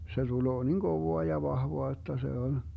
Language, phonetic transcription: Finnish, se tuloo 'niŋ 'Govoa ja 'vahvoa [j]otta se on , .
- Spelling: se tulee niin kovaa ja vahvaa jotta se on

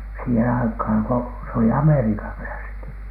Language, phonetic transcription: Finnish, siihen aikhàn ko se oli 'amerikavfläski .
- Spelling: siihen aikaan kun se oli amerikanläski

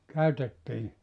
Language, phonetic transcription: Finnish, 'käytettii ?
- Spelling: käytettiin

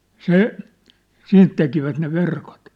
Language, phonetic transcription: Finnish, se , 'siint tekivät ne 'verkot .
- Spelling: se siitä tekivät ne verkot

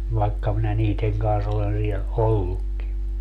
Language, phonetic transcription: Finnish, vaekka minä 'niiteŋ kans olen 'liɛ , "ollukki .
- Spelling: vaikka minä niiden kanssa olen lie ollutkin

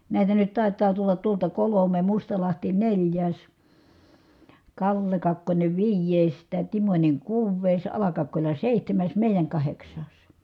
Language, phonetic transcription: Finnish, nä̀itä nyt tài̮t̆taa tullat tuolta kolome , Mustalahti neĺjääs , Kalle Kakkońe viij̀èi̮s , tä̀ Timońe kuuv̀èi̮s , Ala-Kakkoĺa sèihtämäs mèijäŋ kaheks̀aas .
- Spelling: näitä nyt taitaa tulla tuolta kolme Mustalahti neljäs Kalle Kakkonen viides taa Timonen kuudes Ala-Kakkola seitsemäs meidän kahdeksas

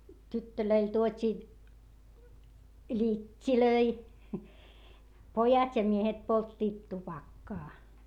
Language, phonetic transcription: Finnish, tyttölöil tuot́ii , ĺit́t́ilöi , pojat ja miehet polttiit tupakkaa .
- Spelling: tytöille tuotiin littejä pojat ja miehet polttivat tupakkaa

